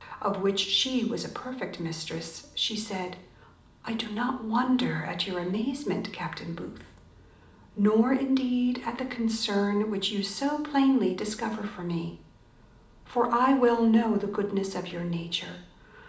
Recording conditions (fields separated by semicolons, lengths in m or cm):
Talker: one person; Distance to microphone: 2.0 m; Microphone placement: close; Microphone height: 99 cm; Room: medium-sized (5.7 m by 4.0 m); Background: none